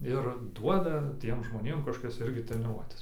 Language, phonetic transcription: Lithuanian, ir ˈduoda ˈtiem žmoˈnėm kažˈkokias ˈirgi treniˈruotes

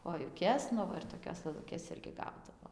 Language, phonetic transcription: Lithuanian, kojuˈkes ˈnu va ir toˈkios lɘˈlukės ˈirgi ˈgaudavo

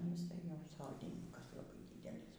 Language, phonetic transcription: Lithuanian, nu jiˈsai ˈjau ˈsodyninkas laˈbai ˈdydelys

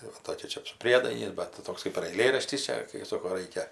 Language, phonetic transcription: Lithuanian, tai ˈva ˈtokia ˈčia su ˈpriedainiais bet ˈtoks kɜp ir aiˈlėraštis ˈčia kai ˈsoko ˈraikia

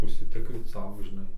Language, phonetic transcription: Lithuanian, užsiˈtikryt ˈsau žiˈnai

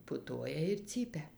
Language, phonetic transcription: Lithuanian, puˈtuoja ir ˈcypia

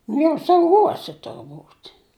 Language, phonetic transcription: Lithuanian, nu jau sauˈgose turˈbūt'

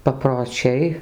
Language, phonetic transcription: Lithuanian, paproˈčiai

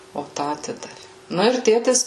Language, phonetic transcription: Lithuanian, o ˈtą aˈtidavi ˈnu ir ˈtėtis

